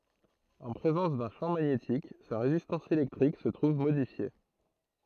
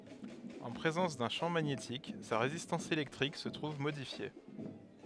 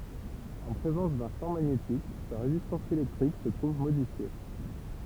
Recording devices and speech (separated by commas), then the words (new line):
throat microphone, headset microphone, temple vibration pickup, read sentence
En présence d'un champ magnétique, sa résistance électrique se trouve modifiée.